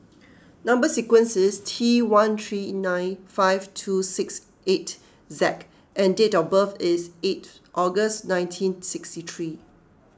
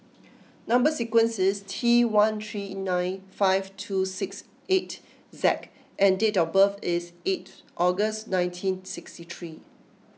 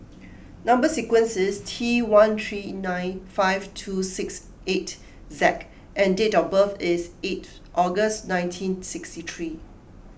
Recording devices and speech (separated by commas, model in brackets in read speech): close-talking microphone (WH20), mobile phone (iPhone 6), boundary microphone (BM630), read sentence